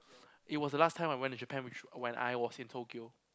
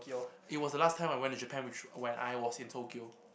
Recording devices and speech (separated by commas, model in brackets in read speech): close-talking microphone, boundary microphone, conversation in the same room